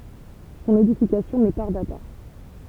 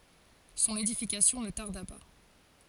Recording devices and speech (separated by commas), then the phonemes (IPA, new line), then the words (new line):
temple vibration pickup, forehead accelerometer, read sentence
sɔ̃n edifikasjɔ̃ nə taʁda pa
Son édification ne tarda pas.